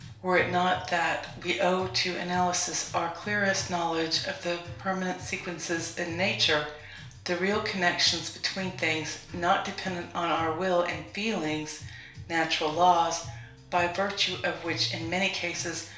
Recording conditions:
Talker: one person; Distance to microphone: 1.0 m; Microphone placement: close; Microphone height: 1.1 m; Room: small (3.7 m by 2.7 m); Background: music

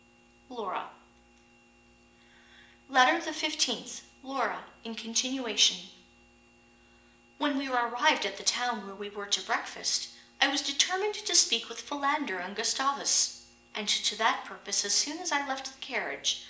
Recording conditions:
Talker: one person; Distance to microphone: 1.8 m; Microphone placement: close; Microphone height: 1.0 m; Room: large; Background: none

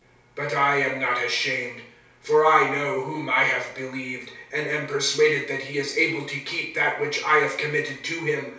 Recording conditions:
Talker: one person; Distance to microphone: 3.0 m; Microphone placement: far; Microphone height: 1.8 m; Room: small (3.7 m by 2.7 m); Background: none

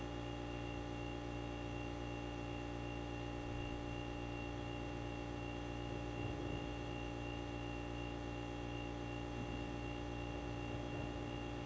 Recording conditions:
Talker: no one; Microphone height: 1.1 m; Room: very reverberant, large; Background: none

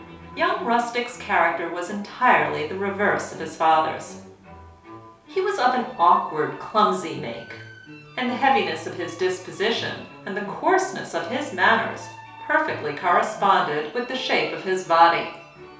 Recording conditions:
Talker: one person; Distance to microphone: 3.0 m; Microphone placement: far; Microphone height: 1.8 m; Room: small (3.7 m by 2.7 m); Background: music

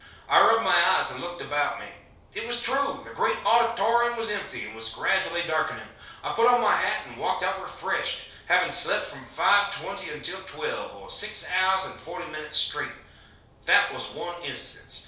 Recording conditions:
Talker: one person; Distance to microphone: 3.0 m; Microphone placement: far; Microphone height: 1.8 m; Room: small (3.7 m by 2.7 m); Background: none

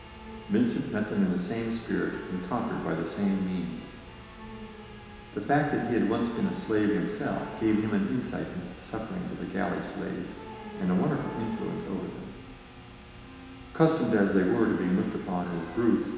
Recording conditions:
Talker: one person; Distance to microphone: 1.7 m; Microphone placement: close; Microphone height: 1.0 m; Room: very reverberant, large; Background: television

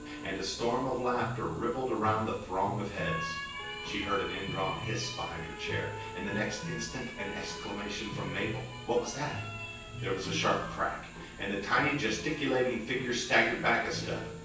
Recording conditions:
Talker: one person; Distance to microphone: 9.8 m; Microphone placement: far; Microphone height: 1.8 m; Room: large; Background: television

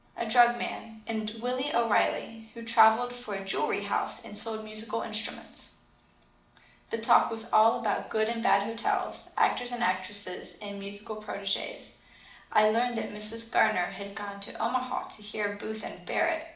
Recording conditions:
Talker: one person; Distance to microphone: 2.0 m; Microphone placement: close; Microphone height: 99 cm; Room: medium-sized (5.7 m by 4.0 m); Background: none

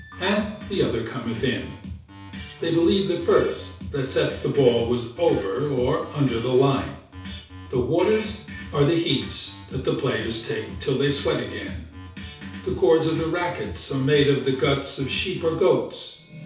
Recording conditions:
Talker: one person; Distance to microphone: 3.0 m; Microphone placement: far; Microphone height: 1.8 m; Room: small (3.7 m by 2.7 m); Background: music

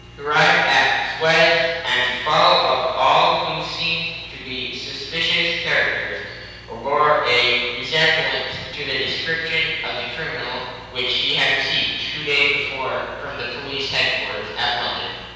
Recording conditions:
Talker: one person; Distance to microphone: 7.1 m; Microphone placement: far; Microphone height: 1.7 m; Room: very reverberant, large; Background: none

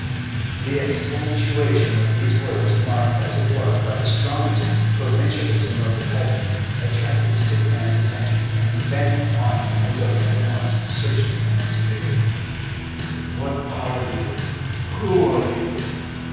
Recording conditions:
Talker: one person; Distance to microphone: 7.1 m; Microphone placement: far; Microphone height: 1.7 m; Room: very reverberant, large; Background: music

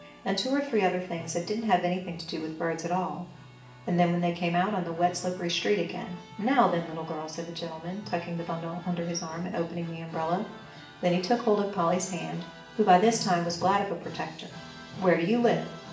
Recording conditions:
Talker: one person; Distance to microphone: 1.8 m; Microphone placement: close; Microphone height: 1.0 m; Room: large; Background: music

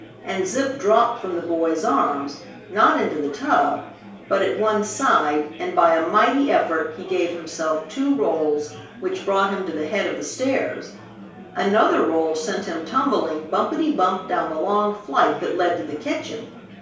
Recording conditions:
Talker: one person; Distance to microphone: 3.0 m; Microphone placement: far; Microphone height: 1.8 m; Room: small (3.7 m by 2.7 m); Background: babble

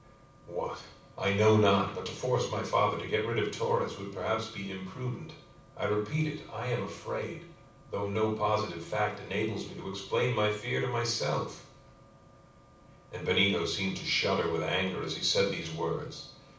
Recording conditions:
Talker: one person; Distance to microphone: 5.8 m; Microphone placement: far; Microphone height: 1.8 m; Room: medium-sized (5.7 m by 4.0 m); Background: none

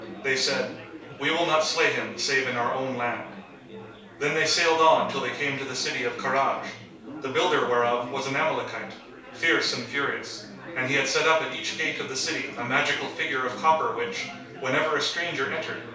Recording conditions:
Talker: one person; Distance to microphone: 3.0 m; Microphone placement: far; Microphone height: 1.8 m; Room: small (3.7 m by 2.7 m); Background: babble

